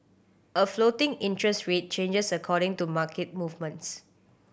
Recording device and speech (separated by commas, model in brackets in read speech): boundary microphone (BM630), read sentence